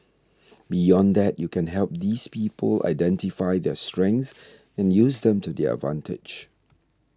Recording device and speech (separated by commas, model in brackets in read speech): standing microphone (AKG C214), read sentence